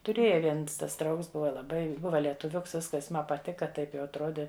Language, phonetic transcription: Lithuanian, tuˈrėja ˈviens tas ˈdraugs ˈbuva laˈbai ˈbuva lietuˈviuks ˈviskas ˈma paˈtika ˈtaip jau atˈrodi

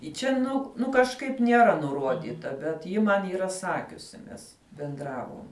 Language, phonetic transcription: Lithuanian, i ˈčia ˈnu ˈnu kažˈkaip nieˈra nuˈruodita bet ˈji ˈman yˈra ˈsakiusi ˈnes benˈdravom

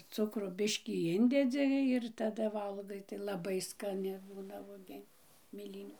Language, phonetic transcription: Lithuanian, ˈcukro ˈbiškį ˈindedzi ir taˈda ˈvalgai tai laˈbai skaˈni ˈbūna vuoˈgien' mėˈlynių

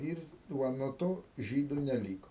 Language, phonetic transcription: Lithuanian, ir ˈva nuo ˈto ˈžydu neˈlyko

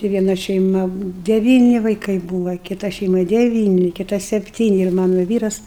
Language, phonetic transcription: Lithuanian, tai vieˈna šeiˈma deˈvyni vaiˈkai ˈbūva kiˈta šeiˈma deˈvyni kiˈta sepˈtyni ir ˈmano ˈvyras

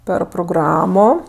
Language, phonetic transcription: Lithuanian, ˈper proˈgramo

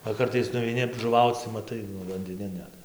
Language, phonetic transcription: Lithuanian, va ˈkartais nuveiˈni žuˈvauc tai maˈtai nu vandiˈnin ˈnet

